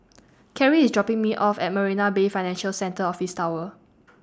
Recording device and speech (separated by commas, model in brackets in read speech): standing microphone (AKG C214), read sentence